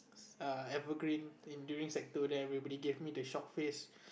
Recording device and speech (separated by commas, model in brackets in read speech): boundary microphone, conversation in the same room